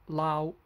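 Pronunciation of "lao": This is 'loud' in a Hong Kong English pronunciation: the final d is dropped, so the word ends on the vowel and sounds like 'lao'.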